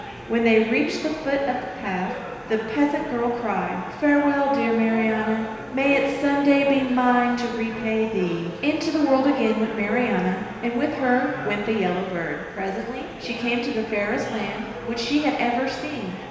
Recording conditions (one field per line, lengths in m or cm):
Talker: one person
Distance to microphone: 1.7 m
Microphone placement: close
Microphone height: 1.0 m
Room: very reverberant, large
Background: babble